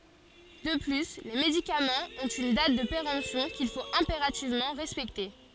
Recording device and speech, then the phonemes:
forehead accelerometer, read sentence
də ply le medikamɑ̃z ɔ̃t yn dat də peʁɑ̃psjɔ̃ kil fot ɛ̃peʁativmɑ̃ ʁɛspɛkte

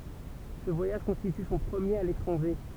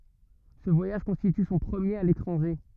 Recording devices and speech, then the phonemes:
temple vibration pickup, rigid in-ear microphone, read sentence
sə vwajaʒ kɔ̃stity sɔ̃ pʁəmjeʁ a letʁɑ̃ʒe

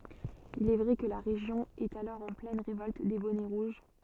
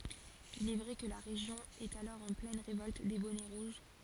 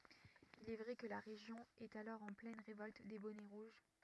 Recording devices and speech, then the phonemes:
soft in-ear microphone, forehead accelerometer, rigid in-ear microphone, read sentence
il ɛ vʁɛ kə la ʁeʒjɔ̃ ɛt alɔʁ ɑ̃ plɛn ʁevɔlt de bɔnɛ ʁuʒ

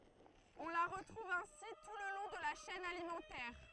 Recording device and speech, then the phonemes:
throat microphone, read sentence
ɔ̃ la ʁətʁuv ɛ̃si tu lə lɔ̃ də la ʃɛn alimɑ̃tɛʁ

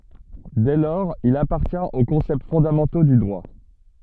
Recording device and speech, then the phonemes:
soft in-ear microphone, read sentence
dɛ lɔʁz il apaʁtjɛ̃t o kɔ̃sɛpt fɔ̃damɑ̃to dy dʁwa

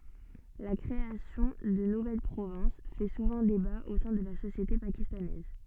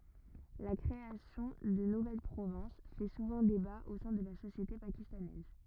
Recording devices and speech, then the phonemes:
soft in-ear microphone, rigid in-ear microphone, read sentence
la kʁeasjɔ̃ də nuvɛl pʁovɛ̃s fɛ suvɑ̃ deba o sɛ̃ də la sosjete pakistanɛz

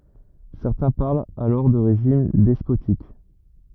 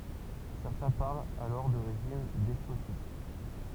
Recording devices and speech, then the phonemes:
rigid in-ear microphone, temple vibration pickup, read sentence
sɛʁtɛ̃ paʁlt alɔʁ də ʁeʒim dɛspotik

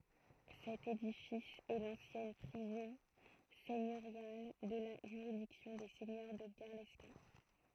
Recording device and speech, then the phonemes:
throat microphone, read sentence
sɛt edifis ɛ lɑ̃sjɛn pʁizɔ̃ sɛɲøʁjal də la ʒyʁidiksjɔ̃ de sɛɲœʁ də ɡɛʁlɛskɛ̃

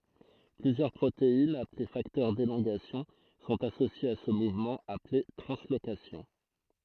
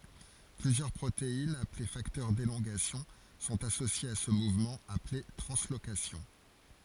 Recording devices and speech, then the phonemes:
throat microphone, forehead accelerometer, read sentence
plyzjœʁ pʁoteinz aple faktœʁ delɔ̃ɡasjɔ̃ sɔ̃t asosjez a sə muvmɑ̃ aple tʁɑ̃slokasjɔ̃

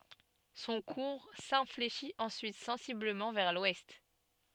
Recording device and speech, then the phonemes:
soft in-ear microphone, read sentence
sɔ̃ kuʁ sɛ̃fleʃit ɑ̃syit sɑ̃sibləmɑ̃ vɛʁ lwɛst

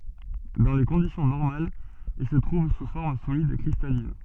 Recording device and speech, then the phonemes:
soft in-ear microphone, read sentence
dɑ̃ le kɔ̃disjɔ̃ nɔʁmalz il sə tʁuv su fɔʁm solid kʁistalin

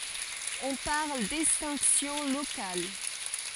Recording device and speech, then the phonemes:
forehead accelerometer, read sentence
ɔ̃ paʁl dɛkstɛ̃ksjɔ̃ lokal

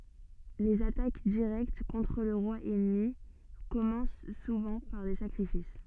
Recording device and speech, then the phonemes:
soft in-ear microphone, read sentence
lez atak diʁɛkt kɔ̃tʁ lə ʁwa ɛnmi kɔmɑ̃s suvɑ̃ paʁ de sakʁifis

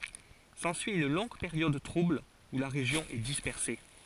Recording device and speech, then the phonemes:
forehead accelerometer, read sentence
sɑ̃syi yn lɔ̃ɡ peʁjɔd tʁubl u la ʁeʒjɔ̃ ɛ dispɛʁse

